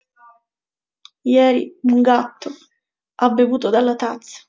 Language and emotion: Italian, sad